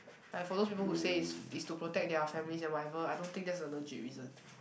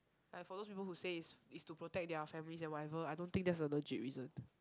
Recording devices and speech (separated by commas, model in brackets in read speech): boundary microphone, close-talking microphone, conversation in the same room